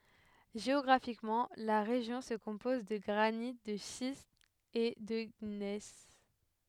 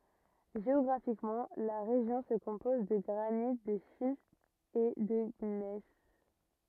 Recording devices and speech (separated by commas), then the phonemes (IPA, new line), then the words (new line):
headset microphone, rigid in-ear microphone, read sentence
ʒeɔɡʁafikmɑ̃ la ʁeʒjɔ̃ sə kɔ̃pɔz də ɡʁanit də ʃistz e də ɲɛs
Géographiquement, la région se compose de granites, de schistes et de gneiss.